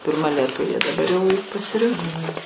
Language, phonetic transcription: Lithuanian, pirˈma lieˈtuvė daˈbar jau pasiˈrinko

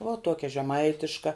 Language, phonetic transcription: Lithuanian, vuo ˈtuokia žeˈmaitiška

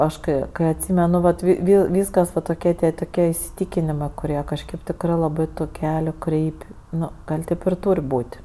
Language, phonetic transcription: Lithuanian, ˈaš kai ˈkai atˈsymenu vat vi vi ˈvyskas va toˈkie tie toˈkie isiˈtykinimɜ kuˈrie kažˈkėp ˈtikrɜ laˈbɜ tu ˈkeliu ˈkreip' ˈnu ˈgal' ˈtėp ir ˈtūr' ˈbūt'

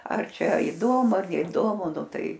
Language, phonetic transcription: Lithuanian, ar ˈčia iˈdomu ar neiˈdomu ˈnu ˈtai

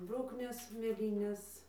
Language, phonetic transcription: Lithuanian, ir ˈbruknės mėˈlynės

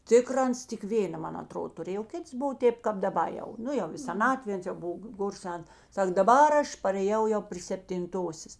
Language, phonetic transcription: Lithuanian, ˈtikra ˈans tik ˈvėna ˈman aˈtrodo tuˈrėj o ˈkits ˈbuvo ˈtėp kap daˈba jau ˈnu jau i seˈnatvė ˈans jau ˈbuv ˈgor ˈsen ˈsak daˈbar ˈaš parėˈjau jau pry septinˈtosės

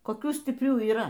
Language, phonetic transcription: Lithuanian, koˈkių stipˈrių yˈra

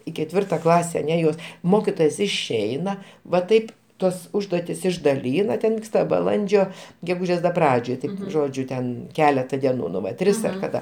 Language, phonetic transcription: Lithuanian, i keˈtvirta ˈklase aˈne jos ˈmokitojos išˈeina va ˈtaip ˈtuos ˈužduotis išdaˈlyna ˈten ˈvyksta baˈlandžio geˈgūžės da ˈpradžioj ˈti ˈžodžiu ten ˈkeleta deˈnų nu ˈva ˈtris ar kaˈda

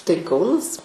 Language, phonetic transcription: Lithuanian, tai ˈkaunas

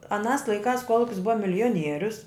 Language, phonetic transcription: Lithuanian, aˈnās laiˈkās ˈkuolukis ˈbuva milijoˈnierius

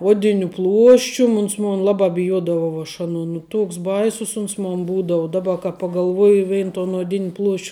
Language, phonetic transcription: Lithuanian, ˈuodiniu ˈpluoščium ˈuns ˈmun ˈlabā biˈjuodavau aš ˈanuo nu ˈtuoks ˈbaisus ˈuns mon ˈbūdau ˈdaˌba ka pagalˈvuoji ˈvein ton oˈdin' pluošč'

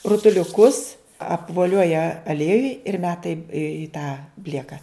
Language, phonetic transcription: Lithuanian, rutuliuˈkus apvoˈlioja aˈliejuj ir ˈmeta i i tą ˈblieka

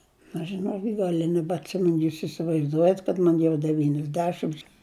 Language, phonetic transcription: Lithuanian, aš žiˈnokit ˈgal' i nebatˈsimen ˈjūs isivaizˈduojat kad ˈman jau devyniasˈdešims

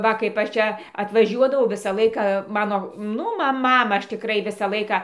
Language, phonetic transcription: Lithuanian, ˈva kaip ˈaš ˈčia atvaˈžiuodavau ˈvisa ˈlaika ˈmano ˈnu ˈma ˈmamą ˈaš tiˈkrai ˈvisą ˈlaiką

